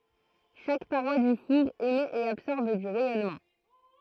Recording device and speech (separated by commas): throat microphone, read sentence